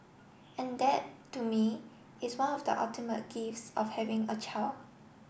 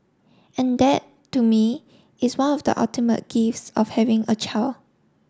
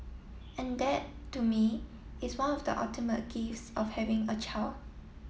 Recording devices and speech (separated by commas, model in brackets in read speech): boundary microphone (BM630), standing microphone (AKG C214), mobile phone (iPhone 7), read sentence